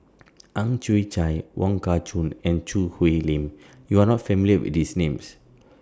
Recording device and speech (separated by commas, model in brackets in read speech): standing microphone (AKG C214), read sentence